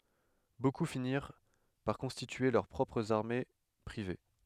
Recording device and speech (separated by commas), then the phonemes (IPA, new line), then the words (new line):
headset microphone, read sentence
boku finiʁ paʁ kɔ̃stitye lœʁ pʁɔpʁz aʁme pʁive
Beaucoup finirent par constituer leurs propres armées privées.